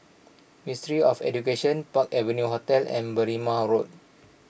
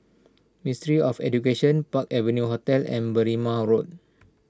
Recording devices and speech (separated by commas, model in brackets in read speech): boundary microphone (BM630), standing microphone (AKG C214), read sentence